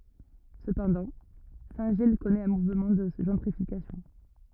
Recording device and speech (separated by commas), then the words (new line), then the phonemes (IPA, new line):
rigid in-ear microphone, read sentence
Cependant, Saint-Gilles connaît un mouvement de gentrification.
səpɑ̃dɑ̃ sɛ̃tʒij kɔnɛt œ̃ muvmɑ̃ də ʒɑ̃tʁifikasjɔ̃